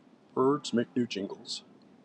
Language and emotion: English, happy